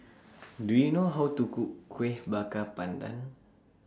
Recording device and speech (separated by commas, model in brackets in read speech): standing microphone (AKG C214), read sentence